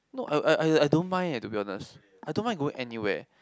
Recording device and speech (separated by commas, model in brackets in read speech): close-talking microphone, conversation in the same room